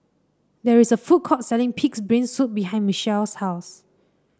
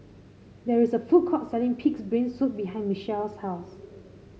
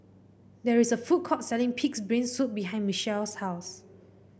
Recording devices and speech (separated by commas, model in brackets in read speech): standing microphone (AKG C214), mobile phone (Samsung C5), boundary microphone (BM630), read sentence